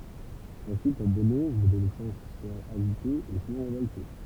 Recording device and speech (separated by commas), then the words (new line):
temple vibration pickup, read sentence
S'ensuit pour Bono une adolescence agitée et souvent révoltée.